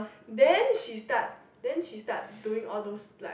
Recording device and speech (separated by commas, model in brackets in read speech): boundary microphone, conversation in the same room